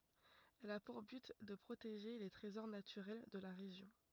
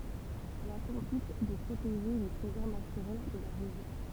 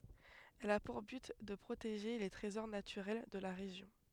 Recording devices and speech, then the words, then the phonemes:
rigid in-ear microphone, temple vibration pickup, headset microphone, read sentence
Elle a pour but de protéger les trésors naturels de la région.
ɛl a puʁ byt də pʁoteʒe le tʁezɔʁ natyʁɛl də la ʁeʒjɔ̃

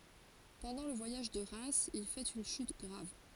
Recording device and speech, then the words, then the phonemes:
forehead accelerometer, read sentence
Pendant le voyage de Reims, il fait une chute grave.
pɑ̃dɑ̃ lə vwajaʒ də ʁɛmz il fɛt yn ʃyt ɡʁav

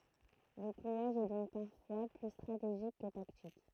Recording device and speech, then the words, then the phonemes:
throat microphone, read sentence
Le clouage est donc parfois plus stratégique que tactique.
lə klwaʒ ɛ dɔ̃k paʁfwa ply stʁateʒik kə taktik

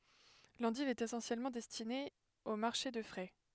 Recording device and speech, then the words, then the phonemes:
headset microphone, read sentence
L'endive est essentiellement destinée au marché de frais.
lɑ̃div ɛt esɑ̃sjɛlmɑ̃ dɛstine o maʁʃe də fʁɛ

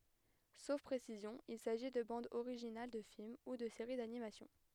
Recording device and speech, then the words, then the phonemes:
headset microphone, read sentence
Sauf précision, il s'agit de bandes originales de films ou de série d'animation.
sof pʁesizjɔ̃ il saʒi də bɑ̃dz oʁiʒinal də film u də seʁi danimasjɔ̃

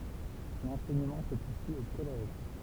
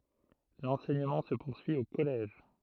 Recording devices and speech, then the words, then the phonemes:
temple vibration pickup, throat microphone, read sentence
L'enseignement se poursuit au collège.
lɑ̃sɛɲəmɑ̃ sə puʁsyi o kɔlɛʒ

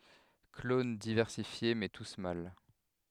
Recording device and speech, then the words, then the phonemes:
headset microphone, read sentence
Clones diversifiés, mais tous mâles.
klon divɛʁsifje mɛ tus mal

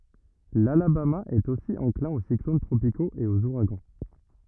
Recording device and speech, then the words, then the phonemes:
rigid in-ear microphone, read sentence
L'Alabama est aussi enclin aux cyclones tropicaux et aux ouragans.
lalabama ɛt osi ɑ̃klɛ̃ o siklon tʁopikoz e oz uʁaɡɑ̃

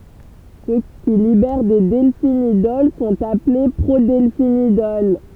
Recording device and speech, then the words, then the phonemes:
temple vibration pickup, read sentence
Ceux qui libèrent des delphinidols sont appelés prodelphinidols.
sø ki libɛʁ de dɛlfinidɔl sɔ̃t aple pʁodɛlfinidɔl

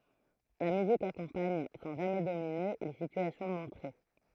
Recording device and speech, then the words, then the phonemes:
throat microphone, read sentence
La musique accompagne, sans jamais dominer, les situations montrées.
la myzik akɔ̃paɲ sɑ̃ ʒamɛ domine le sityasjɔ̃ mɔ̃tʁe

